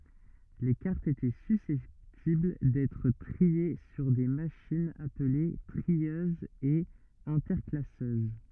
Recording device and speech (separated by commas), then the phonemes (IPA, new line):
rigid in-ear microphone, read sentence
le kaʁtz etɛ sysɛptibl dɛtʁ tʁie syʁ de maʃinz aple tʁiøzz e ɛ̃tɛʁklasøz